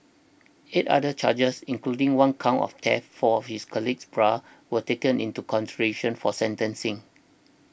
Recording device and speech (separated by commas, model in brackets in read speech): boundary microphone (BM630), read sentence